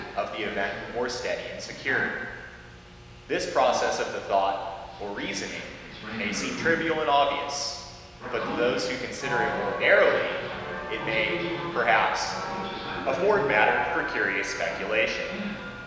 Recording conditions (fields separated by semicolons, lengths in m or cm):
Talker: one person; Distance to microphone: 1.7 m; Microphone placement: close; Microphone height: 1.0 m; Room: very reverberant, large; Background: television